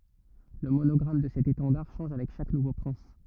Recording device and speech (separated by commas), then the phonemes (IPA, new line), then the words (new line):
rigid in-ear microphone, read sentence
lə monɔɡʁam də sɛt etɑ̃daʁ ʃɑ̃ʒ avɛk ʃak nuvo pʁɛ̃s
Le monogramme de cet étendard change avec chaque nouveau prince.